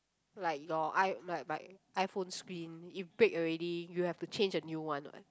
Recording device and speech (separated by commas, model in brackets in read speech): close-talking microphone, conversation in the same room